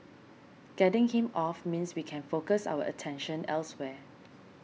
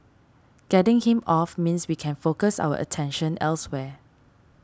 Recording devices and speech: mobile phone (iPhone 6), standing microphone (AKG C214), read sentence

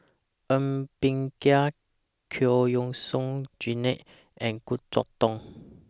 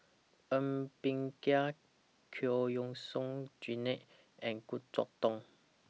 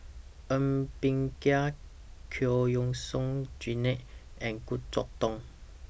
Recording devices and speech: standing microphone (AKG C214), mobile phone (iPhone 6), boundary microphone (BM630), read sentence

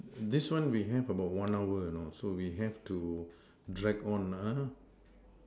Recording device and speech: standing microphone, conversation in separate rooms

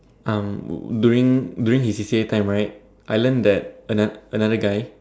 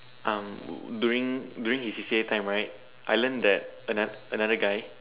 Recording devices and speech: standing microphone, telephone, conversation in separate rooms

